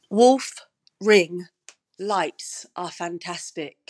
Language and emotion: English, sad